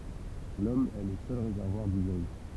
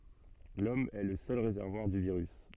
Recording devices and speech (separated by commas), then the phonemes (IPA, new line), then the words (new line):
temple vibration pickup, soft in-ear microphone, read sentence
lɔm ɛ lə sœl ʁezɛʁvwaʁ dy viʁys
L'Homme est le seul réservoir du virus.